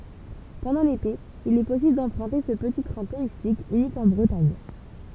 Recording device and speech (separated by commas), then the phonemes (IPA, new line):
temple vibration pickup, read sentence
pɑ̃dɑ̃ lete il ɛ pɔsibl dɑ̃pʁœ̃te sə pəti tʁɛ̃ tuʁistik ynik ɑ̃ bʁətaɲ